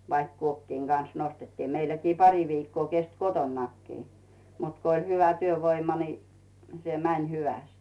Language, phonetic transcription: Finnish, vaik "kuokkiiŋ Gans 'nostettii 'meilläkii 'pari viikkoo 'kest "kotonnakkii , mut ko ‿ⁱĺ 'hyvä "työvoima ni , se "mäń 'hyväst .
- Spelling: vaikka kuokkien kanssa nostettiin meilläkin pari viikkoa kesti kotonakin mutta kun oli hyvä työvoima niin se meni hyvästi

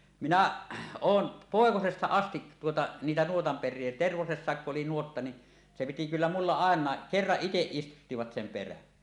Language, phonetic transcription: Finnish, minä , 'oon , "pòekosesta astit tuota , niitä 'nuotamper̆rie , "Tervosessàekku’ ’oli nuotta ni , se piti kyllä 'mulla àeǹàe , "kerraˀ 'ˀiteˀ ˀistuttivat sem 'perän .
- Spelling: minä olen poikasesta asti tuota niitä nuotanperiä Tervosessakin kun oli nuotta niin se piti kyllä minulla ainakin kerran itse istuttivat sen perän

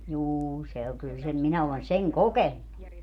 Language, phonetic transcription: Finnish, "juu se oŋ 'kyl sem 'minä olen "seŋ "kokennu .
- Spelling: juu se on kyllä sen minä olen sen kokenut

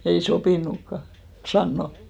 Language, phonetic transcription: Finnish, ei "sopìnukka , 'sanno .
- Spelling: ei sopinutkaan sanoa

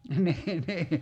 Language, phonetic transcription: Finnish, nii nii .
- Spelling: niin niin

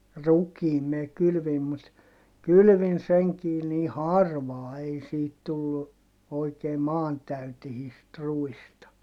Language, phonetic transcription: Finnish, rukiim (mä) kylvim mut , kylʸvin seŋkii nii harvaa ei siit tullu , oikee maantäytehiist ruista .
- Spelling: rukiin minä kylvin mutta kylvin senkin niin harvaan ei siitä tullut oikein maantäyteistä ruista

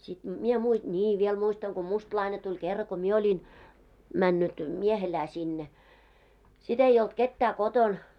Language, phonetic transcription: Finnish, sit 'mie mui- , 'ńii 'viel muistaŋ ko "mustlaine tuĺ 'kerra ko "mie oĺin , 'männyt , 'miehelää sinne , 'sit ‿ei olt 'kettää 'koton .
- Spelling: sitten minä - niin vielä muistan kun mustalainen tuli kerran kun minä olin mennyt miehelään sinne sitten ei ollut ketään kotona

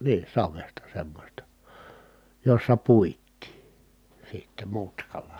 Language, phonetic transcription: Finnish, nii , savesta semmośta , jossa puit̆tii , sitte mutkala .
- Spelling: niin savesta semmoista jossa puitiin sitten mutkalla

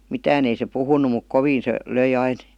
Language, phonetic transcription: Finnish, mitään ‿ei se 'puhunu muk "koviin se 'löi 'ain ,.
- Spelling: mitään ei se puhunut mutta kovin se löi aina

